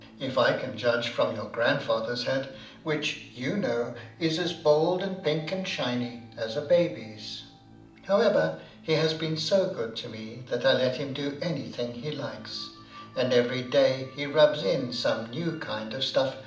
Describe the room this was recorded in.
A mid-sized room (about 5.7 m by 4.0 m).